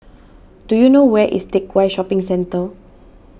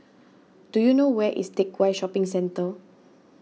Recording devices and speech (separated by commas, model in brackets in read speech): boundary microphone (BM630), mobile phone (iPhone 6), read sentence